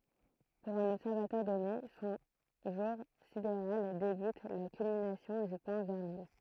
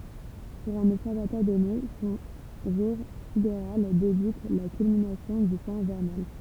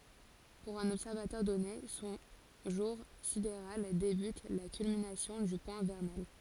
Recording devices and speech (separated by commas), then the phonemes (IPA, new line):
throat microphone, temple vibration pickup, forehead accelerometer, read sentence
puʁ œ̃n ɔbsɛʁvatœʁ dɔne sɔ̃ ʒuʁ sideʁal debyt a la kylminasjɔ̃ dy pwɛ̃ vɛʁnal